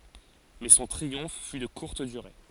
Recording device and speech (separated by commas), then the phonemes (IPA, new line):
forehead accelerometer, read sentence
mɛ sɔ̃ tʁiɔ̃f fy də kuʁt dyʁe